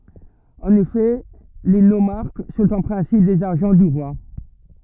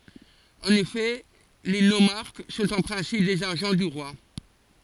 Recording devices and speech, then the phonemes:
rigid in-ear microphone, forehead accelerometer, read sentence
ɑ̃n efɛ le nomaʁk sɔ̃t ɑ̃ pʁɛ̃sip dez aʒɑ̃ dy ʁwa

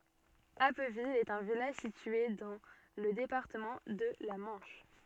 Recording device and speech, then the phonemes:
soft in-ear microphone, read sentence
apvil ɛt œ̃ vilaʒ sitye dɑ̃ lə depaʁtəmɑ̃ də la mɑ̃ʃ

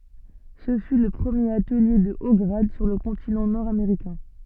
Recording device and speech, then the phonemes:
soft in-ear microphone, read sentence
sə fy lə pʁəmjeʁ atəlje də o ɡʁad syʁ lə kɔ̃tinɑ̃ nɔʁdameʁikɛ̃

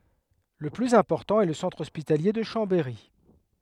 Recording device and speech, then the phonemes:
headset microphone, read sentence
lə plyz ɛ̃pɔʁtɑ̃ ɛ lə sɑ̃tʁ ɔspitalje də ʃɑ̃bɛʁi

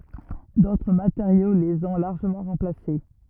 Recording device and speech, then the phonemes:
rigid in-ear microphone, read sentence
dotʁ mateʁjo lez ɔ̃ laʁʒəmɑ̃ ʁɑ̃plase

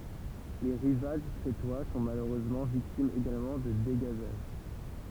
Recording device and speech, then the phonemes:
temple vibration pickup, read sentence
le ʁivaʒ kʁetwa sɔ̃ maløʁøzmɑ̃ viktimz eɡalmɑ̃ də deɡazaʒ

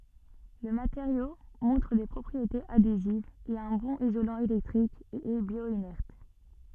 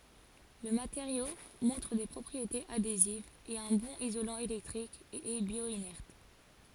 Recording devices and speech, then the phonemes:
soft in-ear microphone, forehead accelerometer, read sentence
lə mateʁjo mɔ̃tʁ de pʁɔpʁietez adezivz ɛt œ̃ bɔ̃n izolɑ̃ elɛktʁik e ɛ bjwanɛʁt

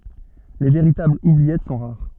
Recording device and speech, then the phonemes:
soft in-ear microphone, read sentence
le veʁitablz ubliɛt sɔ̃ ʁaʁ

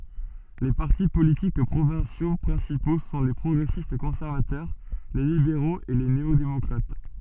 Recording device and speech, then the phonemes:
soft in-ear microphone, read sentence
le paʁti politik pʁovɛ̃sjo pʁɛ̃sipo sɔ̃ le pʁɔɡʁɛsistkɔ̃sɛʁvatœʁ le libeʁoz e le neodemɔkʁat

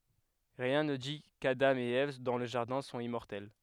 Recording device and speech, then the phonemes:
headset microphone, read sentence
ʁiɛ̃ nə di kadɑ̃ e ɛv dɑ̃ lə ʒaʁdɛ̃ sɔ̃t immɔʁtɛl

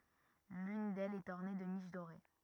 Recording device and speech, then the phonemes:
rigid in-ear microphone, read sentence
lyn dɛlz ɛt ɔʁne də niʃ doʁe

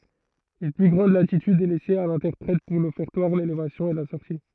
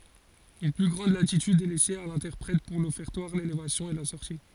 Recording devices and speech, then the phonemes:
throat microphone, forehead accelerometer, read sentence
yn ply ɡʁɑ̃d latityd ɛ lɛse a lɛ̃tɛʁpʁɛt puʁ lɔfɛʁtwaʁ lelevasjɔ̃ e la sɔʁti

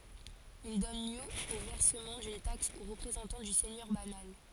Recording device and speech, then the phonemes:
forehead accelerometer, read sentence
il dɔn ljø o vɛʁsəmɑ̃ dyn taks o ʁəpʁezɑ̃tɑ̃ dy sɛɲœʁ banal

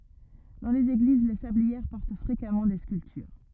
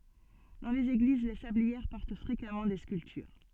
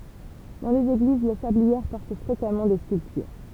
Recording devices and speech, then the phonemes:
rigid in-ear microphone, soft in-ear microphone, temple vibration pickup, read sentence
dɑ̃ lez eɡliz le sabliɛʁ pɔʁt fʁekamɑ̃ de skyltyʁ

